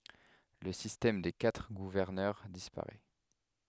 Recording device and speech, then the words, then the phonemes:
headset microphone, read sentence
Le système des quatre gouverneurs disparaît.
lə sistɛm de katʁ ɡuvɛʁnœʁ dispaʁɛ

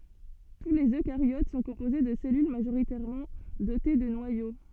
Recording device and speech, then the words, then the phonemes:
soft in-ear microphone, read sentence
Tous les eucaryotes sont composés de cellules majoritairement dotées de noyaux.
tu lez økaʁjot sɔ̃ kɔ̃poze də sɛlyl maʒoʁitɛʁmɑ̃ dote də nwajo

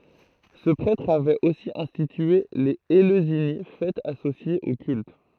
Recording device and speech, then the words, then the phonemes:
throat microphone, read sentence
Ce prêtre avait aussi institué les Éleusinies, fêtes associées au culte.
sə pʁɛtʁ avɛt osi ɛ̃stitye lez eløzini fɛtz asosjez o kylt

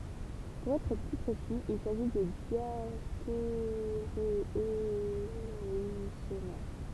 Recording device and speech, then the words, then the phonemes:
temple vibration pickup, read sentence
Pour être plus précis, il s'agit de diastéréoisomères.
puʁ ɛtʁ ply pʁesi il saʒi də djasteʁewazomɛʁ

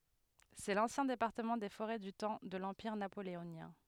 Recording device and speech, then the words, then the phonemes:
headset microphone, read sentence
C'est l'ancien département des Forêts du temps de l'Empire napoléonien.
sɛ lɑ̃sjɛ̃ depaʁtəmɑ̃ de foʁɛ dy tɑ̃ də lɑ̃piʁ napoleonjɛ̃

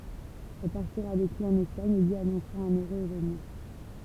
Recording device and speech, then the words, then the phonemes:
temple vibration pickup, read sentence
Elle partira avec lui en Espagne et lui annoncera un heureux événement.
ɛl paʁtiʁa avɛk lyi ɑ̃n ɛspaɲ e lyi anɔ̃sʁa œ̃n øʁøz evenmɑ̃

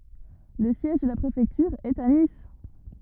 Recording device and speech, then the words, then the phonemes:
rigid in-ear microphone, read sentence
Le siège de la préfecture est à Nice.
lə sjɛʒ də la pʁefɛktyʁ ɛt a nis

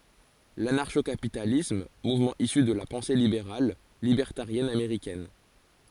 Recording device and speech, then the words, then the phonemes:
forehead accelerometer, read sentence
L'anarcho-capitalisme, mouvement issu de la pensée libérale, libertarienne américaine.
lanaʁʃo kapitalism muvmɑ̃ isy də la pɑ̃se libeʁal libɛʁtaʁjɛn ameʁikɛn

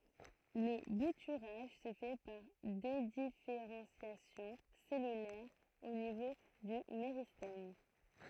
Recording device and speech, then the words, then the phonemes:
throat microphone, read sentence
Le bouturage se fait par dédifférenciation cellulaire au niveau du méristème.
lə butyʁaʒ sə fɛ paʁ dedifeʁɑ̃sjasjɔ̃ sɛlylɛʁ o nivo dy meʁistɛm

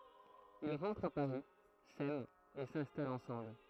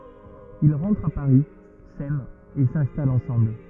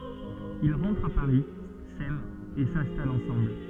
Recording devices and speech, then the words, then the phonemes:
throat microphone, rigid in-ear microphone, soft in-ear microphone, read sentence
Ils rentrent à Paris, s'aiment et s'installent ensemble.
il ʁɑ̃tʁt a paʁi sɛmt e sɛ̃stalt ɑ̃sɑ̃bl

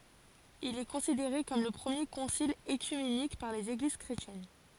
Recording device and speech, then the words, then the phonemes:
forehead accelerometer, read sentence
Il est considéré comme le premier concile œcuménique par les Églises chrétiennes.
il ɛ kɔ̃sideʁe kɔm lə pʁəmje kɔ̃sil økymenik paʁ lez eɡliz kʁetjɛn

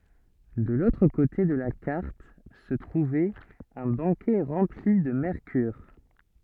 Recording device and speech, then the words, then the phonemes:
soft in-ear microphone, read sentence
De l'autre côté de la carte, se trouvait un baquet rempli de mercure.
də lotʁ kote də la kaʁt sə tʁuvɛt œ̃ bakɛ ʁɑ̃pli də mɛʁkyʁ

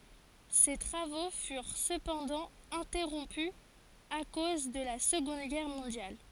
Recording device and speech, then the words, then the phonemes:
forehead accelerometer, read sentence
Ses travaux furent cependant interrompus à cause de la Seconde Guerre mondiale.
se tʁavo fyʁ səpɑ̃dɑ̃ ɛ̃tɛʁɔ̃py a koz də la səɡɔ̃d ɡɛʁ mɔ̃djal

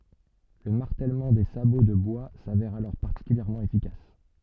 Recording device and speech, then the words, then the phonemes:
soft in-ear microphone, read sentence
Le martèlement des sabots de bois s'avère alors particulièrement efficace.
lə maʁtɛlmɑ̃ de sabo də bwa savɛʁ alɔʁ paʁtikyljɛʁmɑ̃ efikas

